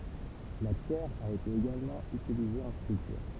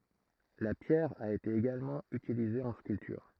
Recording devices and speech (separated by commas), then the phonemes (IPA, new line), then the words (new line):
temple vibration pickup, throat microphone, read sentence
la pjɛʁ a ete eɡalmɑ̃ ytilize ɑ̃ skyltyʁ
La pierre a été également utilisée en sculpture.